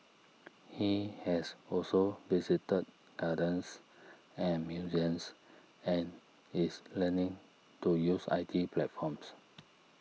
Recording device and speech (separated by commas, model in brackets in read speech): mobile phone (iPhone 6), read sentence